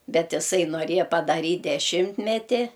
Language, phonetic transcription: Lithuanian, ˈbet iˈsai noˈrėja padaˈryt' deˈšimtmeti

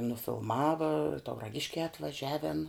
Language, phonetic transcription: Lithuanian, nufilˈmava tauraˈgiškē atvaˈžiaven

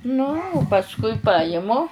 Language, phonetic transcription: Lithuanian, ˈnu u pasˈkui ˈpajimu

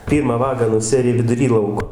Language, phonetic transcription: Lithuanian, ˈpyrmą ˈvagą nuˈsiari viduˈry ˈlauko

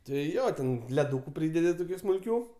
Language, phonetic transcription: Lithuanian, ti ˈjo ten leˈdūku ˈprydedi toˈkių smulˈkių

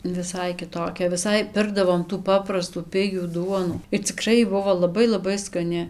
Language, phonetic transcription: Lithuanian, viˈsai kiˈtokia viˈsai ˈpirkdavom tų ˈpaprastų ˈpigių ˈduonų ir ciˈkrai ˈbuvo laˈbai laˈbai skaˈni

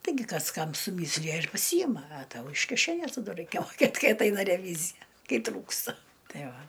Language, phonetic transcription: Lithuanian, taiˈgi ˈkas ˈkam suˈmyslija ir paˈsyjima a ˈtau iš kiˈšenės ta ˈdu ˈraikia moˈkėt ˈkai atˈaina reˈvyzija ˈkai ˈtrūksta ˈtai ˈva

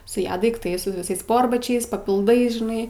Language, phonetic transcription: Lithuanian, su ˈja daikˈtais su viˈsais ˈsporbačiais papilˈdais žiˈnai

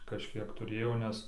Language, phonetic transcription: Lithuanian, kažˈkiek tuˈrėjo nes

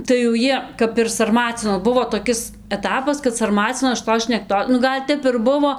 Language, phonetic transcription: Lithuanian, tai jau ˈjie kap ir sarˈmacinos ˈbuvo toˈkis eˈtapas kad sarˈmacinos šiˈtos šnekˈto nu ˈgal' ˈtep ir ˈbuvo

